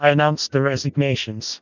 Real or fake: fake